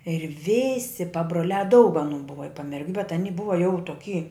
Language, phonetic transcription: Lithuanian, ir ˈvisi pabroˈliā daug aˈnū ˈbuva i pamerˈgiu bet aˈni ˈbuva jau toˈky

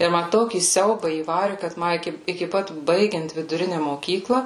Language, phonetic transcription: Lithuanian, tai ˈma ˈtokį ˈsiaubą įˈvari kad ˈma ˈiki iki ˈpat ˈbaigiant viduˈrine moˈkykla

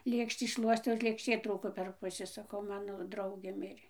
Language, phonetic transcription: Lithuanian, ˈlėkštį ˈšluostiau ir lėkšˈtė ˈtrūko per ˈpusi saˈkau ˈmano ˈdraugė ˈmirė

